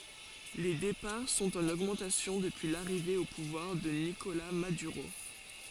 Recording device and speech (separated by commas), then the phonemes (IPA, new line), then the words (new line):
forehead accelerometer, read sentence
le depaʁ sɔ̃t ɑ̃n oɡmɑ̃tasjɔ̃ dəpyi laʁive o puvwaʁ də nikola madyʁo
Les départs sont en augmentation depuis l'arrivée au pouvoir de Nicolás Maduro.